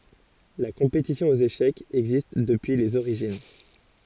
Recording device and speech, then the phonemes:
forehead accelerometer, read sentence
la kɔ̃petisjɔ̃ oz eʃɛkz ɛɡzist dəpyi lez oʁiʒin

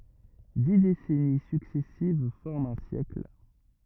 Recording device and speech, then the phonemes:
rigid in-ear microphone, read sentence
di desɛni syksɛsiv fɔʁmt œ̃ sjɛkl

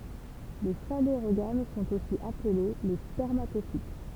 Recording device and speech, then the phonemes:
temple vibration pickup, read sentence
le faneʁoɡam sɔ̃t osi aple le spɛʁmatofit

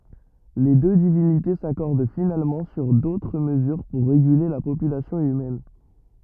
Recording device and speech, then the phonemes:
rigid in-ear microphone, read sentence
le dø divinite sakɔʁd finalmɑ̃ syʁ dotʁ məzyʁ puʁ ʁeɡyle la popylasjɔ̃ ymɛn

